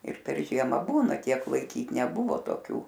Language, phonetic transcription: Lithuanian, ir per ˈžiema ˈbūna ˈtiek laiˈkyt neˈbuvo toˈkių

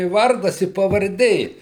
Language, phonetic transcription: Lithuanian, i ˈvardas i pavarˈdė

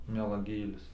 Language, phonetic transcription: Lithuanian, melaˈgėlis

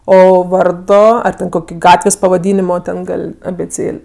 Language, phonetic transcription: Lithuanian, ˈo ˈvardo ar ten ˈkoki ˈgatvės' pavaˈdynimo ˈten ˈgal' abėˈcėl'

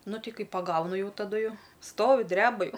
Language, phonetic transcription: Lithuanian, ˈnu ˈtei ˈkai paˈgaunu ˈjau taˈdu ˈjau ˈstovi ˈdreba ˈjau

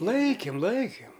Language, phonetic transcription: Lithuanian, ˈlaikim ˈlaikim

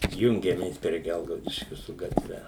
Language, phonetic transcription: Lithuanian, tik ˈjungiamės prie ˈgelgaudiškiu su gatˈve

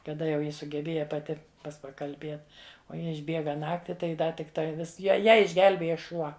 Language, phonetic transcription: Lithuanian, kaˈda jau ˈji sugeˈbėja paˈti ˈpas pakalˈbėt o ˈji išˈbėga ˈnakti tai ˈda tikˈtai ˈvis ˈja ˈją išˈgelbėja ˈšuo

